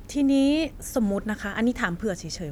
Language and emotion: Thai, neutral